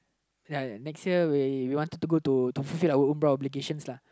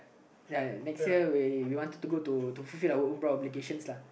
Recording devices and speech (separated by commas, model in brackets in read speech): close-talking microphone, boundary microphone, conversation in the same room